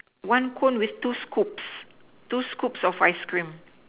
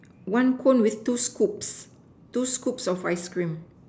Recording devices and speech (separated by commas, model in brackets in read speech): telephone, standing microphone, conversation in separate rooms